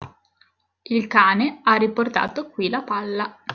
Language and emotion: Italian, neutral